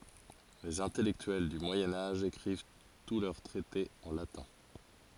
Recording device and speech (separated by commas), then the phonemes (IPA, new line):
forehead accelerometer, read sentence
lez ɛ̃tɛlɛktyɛl dy mwajɛ̃ aʒ ekʁiv tu lœʁ tʁɛtez ɑ̃ latɛ̃